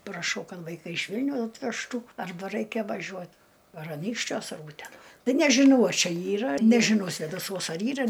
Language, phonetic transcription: Lithuanian, praˈšau ˈkad vaiˈkai iš ˈvilniau atvežˈtų arˈba ˈraikia vaˈžiuo ar aˈnykščiuos ar ˈūtena ˈtai nežiˈnau a ˈčia ˈyra nežiˈnau svėdaˈsuos ar ˈyra

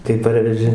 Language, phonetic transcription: Lithuanian, tai ˈparveži

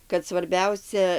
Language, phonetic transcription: Lithuanian, kad svarˈbiausia

